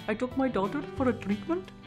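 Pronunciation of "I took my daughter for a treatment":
In 'I took my daughter for a treatment', the R sounds are tapped, as in an Indian accent.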